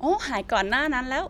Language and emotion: Thai, happy